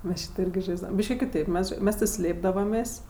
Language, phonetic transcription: Lithuanian, ˈmes ˈšyto ˈirgi ˈžaisdavam ˈbyški kiˈtaip ˈmes ˈmes ti ˈslėpdavamės'

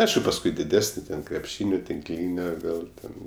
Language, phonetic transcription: Lithuanian, ˈaišku pasˈkui diˈdesni ten krepˈšynio tinkˈlynio ˈvėl ten

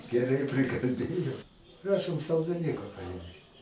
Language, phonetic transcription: Lithuanian, geˈrai prikalˈbėjau ˈprašom saldaiˈniuka paˈimkit

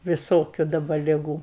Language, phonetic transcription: Lithuanian, viˈsokiu daˈba liˈgų

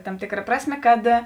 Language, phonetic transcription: Lithuanian, tam ˈtėkˌra ˈprasˌmė kad

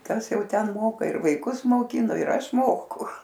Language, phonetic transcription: Lithuanian, ˈkas ˈjau ˈten ˈmoka ir vaiˈkus moˈkino ir ˈaš ˈmoku

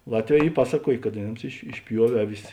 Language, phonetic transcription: Lithuanian, ˈlatˌvē ˈy ˈpasaˌkuojė kad aˈnėms iš išˈpjuovė ˈaˌvis

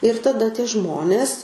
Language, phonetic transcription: Lithuanian, ir taˈda tie ˈžmonės

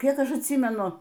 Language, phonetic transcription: Lithuanian, ˈkiek ˈaš atˈsymenu

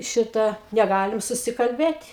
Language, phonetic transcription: Lithuanian, ˈšita neˈgalim susikalˈbėt'

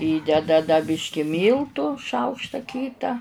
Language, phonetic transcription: Lithuanian, ˈįdeda da ˈbiški ˈmyltų ˈšaukšta ˈkyta

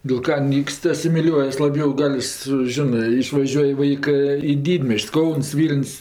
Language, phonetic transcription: Lithuanian, dil ˈka ˈnykst asimiˈliuojas laˈbjau ˈgal' su ˈžinɜ išvaˈžiuoj ˈvaikɜ į ˈdydmies'č's' ˈkauns ˈvyln's'

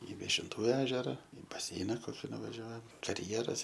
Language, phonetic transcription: Lithuanian, i viešinˈtų ˈežera i baˈseina ˈkoki nuvaˈžiuojam karˈjeras

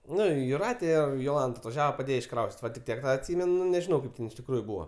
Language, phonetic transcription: Lithuanian, ˈnu juˈrate ˈir joˈlant atvaˈžiava paˈdėje išˈkraustit' ˈva tik ˈtiek ˈtą atˈsimen nu nežiˈnau ˈkaip ten iš tikˈrųju ˈbūva

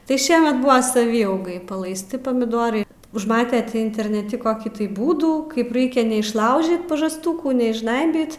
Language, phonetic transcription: Lithuanian, tai ˈšiemet ˈbuva saˈvyaugai palaisˈti pamiˈdorai užˈmate ˈtį interneˈti koˈkį tai ˈbūdų ˈkaip ˈraikia neišˈlaužyt pažasˈtūkų neišˈžnaibyt

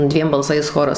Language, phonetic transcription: Lithuanian, ˈdviem balˈsais ˈchoras

